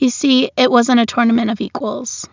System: none